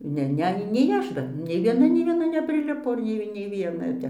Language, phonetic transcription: Lithuanian, ˈne ˈne nei ˈaš dar nei vieˈna nei vieˈna nepriˈlipo ˈnei nei vieˈna jau ˈtep

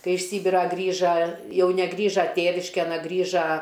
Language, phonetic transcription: Lithuanian, ˈkai iš ˈsybirą ˈgrįža ˈjau neˈgrįža ˈtėviškėn a ˈgriža

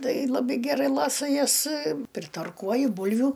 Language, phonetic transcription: Lithuanian, ˈtai laˈbai geˈrai ˈlasa ˈjas pritarˈkuoju ˈbulviu

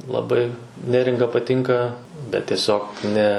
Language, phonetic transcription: Lithuanian, laˈbai ˈneringa paˈtinka bet tieˈsiog ˈne

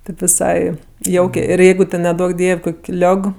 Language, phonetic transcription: Lithuanian, tėp viˈsai ˈjaukė ir ˈjeigu ten neˈduok ˈdiev' ˈkok' ˈliog

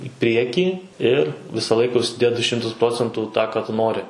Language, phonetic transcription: Lithuanian, i ˈpriekį ir ˈvisa ˈlaika užsiˈdėt du ˈšimtus ˈprocentų ˈtą ˈką tu ˈnori

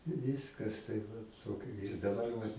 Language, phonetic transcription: Lithuanian, ˈvyskas taip ˈvat ˈtokio ir daˈbar vat

